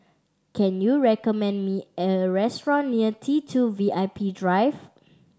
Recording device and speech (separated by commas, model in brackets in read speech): standing microphone (AKG C214), read sentence